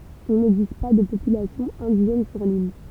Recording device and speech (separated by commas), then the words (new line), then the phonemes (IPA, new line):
temple vibration pickup, read sentence
Il n'existe pas de population indigène sur l'île.
il nɛɡzist pa də popylasjɔ̃ ɛ̃diʒɛn syʁ lil